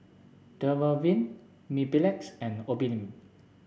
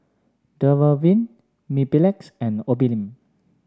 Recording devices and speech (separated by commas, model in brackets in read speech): boundary microphone (BM630), standing microphone (AKG C214), read sentence